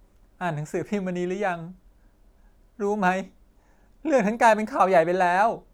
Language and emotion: Thai, sad